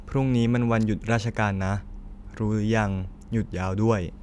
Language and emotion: Thai, neutral